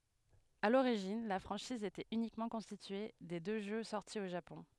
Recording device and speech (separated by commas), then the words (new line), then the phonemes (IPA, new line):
headset microphone, read sentence
À l'origine, la franchise était uniquement constituée des deux jeux sortis au Japon.
a loʁiʒin la fʁɑ̃ʃiz etɛt ynikmɑ̃ kɔ̃stitye de dø ʒø sɔʁti o ʒapɔ̃